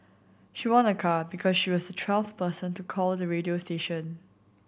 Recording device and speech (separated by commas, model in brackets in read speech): boundary microphone (BM630), read sentence